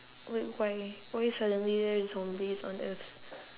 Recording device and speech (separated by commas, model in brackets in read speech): telephone, conversation in separate rooms